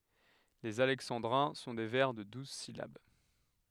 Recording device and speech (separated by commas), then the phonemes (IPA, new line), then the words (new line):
headset microphone, read sentence
lez alɛksɑ̃dʁɛ̃ sɔ̃ de vɛʁ də duz silab
Les alexandrins sont des vers de douze syllabes.